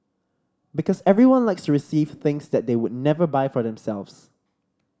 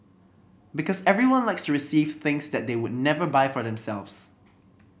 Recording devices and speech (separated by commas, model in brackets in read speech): standing microphone (AKG C214), boundary microphone (BM630), read sentence